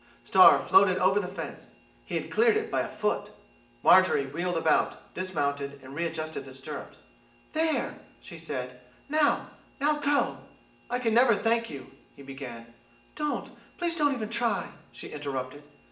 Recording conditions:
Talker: one person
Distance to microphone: 1.8 m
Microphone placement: close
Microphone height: 1.0 m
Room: large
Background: none

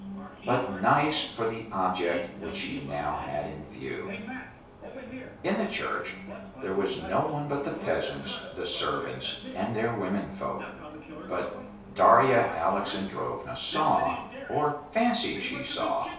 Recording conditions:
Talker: one person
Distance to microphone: 3.0 m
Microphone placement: far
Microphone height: 1.8 m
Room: small (3.7 m by 2.7 m)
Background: television

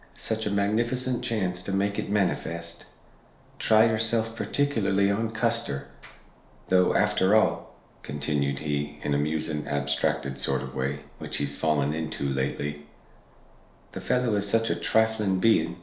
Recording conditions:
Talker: one person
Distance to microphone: 1.0 m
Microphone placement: close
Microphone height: 1.1 m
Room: small (3.7 m by 2.7 m)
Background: none

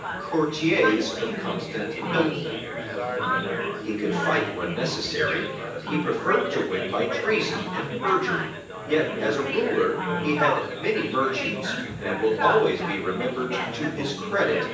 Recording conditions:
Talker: one person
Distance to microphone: 9.8 m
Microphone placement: far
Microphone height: 1.8 m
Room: large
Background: babble

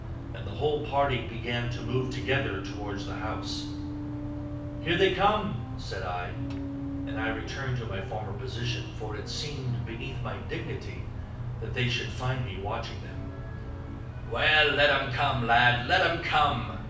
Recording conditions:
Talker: one person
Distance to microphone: 5.8 m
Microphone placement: far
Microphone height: 1.8 m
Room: medium-sized (5.7 m by 4.0 m)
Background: music

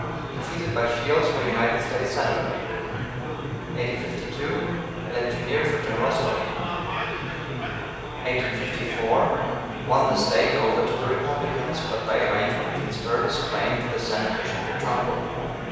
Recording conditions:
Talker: one person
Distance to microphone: 7.1 m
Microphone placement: far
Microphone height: 1.7 m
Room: very reverberant, large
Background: babble

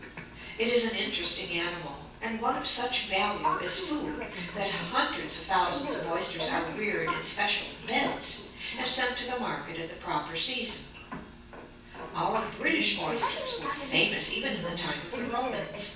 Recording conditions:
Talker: one person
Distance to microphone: 9.8 m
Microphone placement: far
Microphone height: 1.8 m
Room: large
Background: television

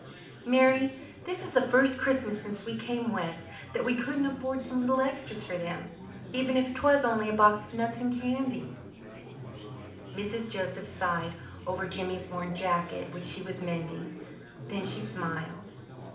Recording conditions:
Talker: one person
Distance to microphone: 2.0 m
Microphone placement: close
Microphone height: 99 cm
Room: medium-sized (5.7 m by 4.0 m)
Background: babble

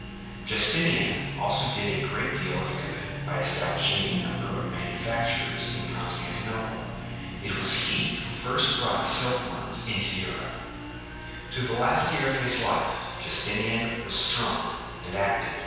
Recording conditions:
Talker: one person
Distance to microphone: 7.1 m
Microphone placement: far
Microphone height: 1.7 m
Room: very reverberant, large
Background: television

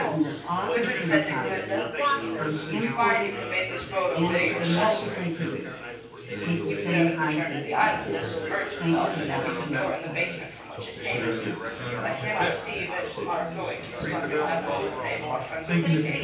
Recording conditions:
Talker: one person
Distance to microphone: 9.8 m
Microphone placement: far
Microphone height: 1.8 m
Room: large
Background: babble

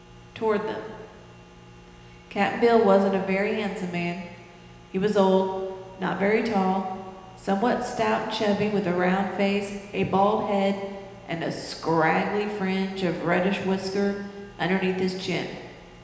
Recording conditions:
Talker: one person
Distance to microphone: 1.7 m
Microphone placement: close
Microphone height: 1.0 m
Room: very reverberant, large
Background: none

